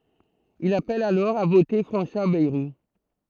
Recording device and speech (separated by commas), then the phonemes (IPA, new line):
throat microphone, read sentence
il apɛl alɔʁ a vote fʁɑ̃swa bɛʁu